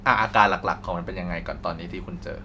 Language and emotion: Thai, neutral